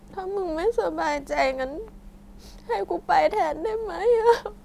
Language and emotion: Thai, sad